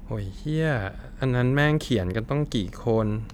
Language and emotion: Thai, frustrated